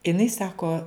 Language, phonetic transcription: Lithuanian, iˈnai ˈsako

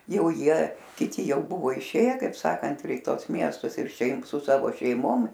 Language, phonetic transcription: Lithuanian, ˈjau ˈjie kiˈti ˈjau ˈbuvo iˈšėje kaip ˈsakant ir i ˈtuos ˈmiestus ir ˈšiaip su ˈsavo šeiˈmom

